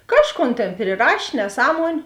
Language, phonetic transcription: Lithuanian, ˈkažˌkon ˈtėn priˈraš' neˈsąmuoniu

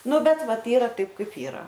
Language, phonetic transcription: Lithuanian, ˈnu ˈbet ˈvat ˈyra ˈtaip ˈkaip ˈyra

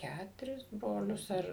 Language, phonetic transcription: Lithuanian, ˈkæturis ˈbrolius ar

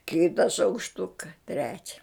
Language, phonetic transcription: Lithuanian, ˈkita šaukšˈtuka ˈtrečia

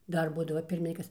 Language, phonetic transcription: Lithuanian, ˈdar ˈbūdava ˈpirminkykas

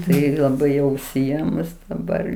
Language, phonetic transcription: Lithuanian, ˈtai laˈbai jau užsiˈėmus daˈbar

